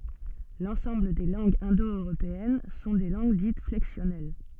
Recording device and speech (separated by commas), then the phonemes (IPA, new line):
soft in-ear microphone, read sentence
lɑ̃sɑ̃bl de lɑ̃ɡz ɛ̃do øʁopeɛn sɔ̃ de lɑ̃ɡ dit flɛksjɔnɛl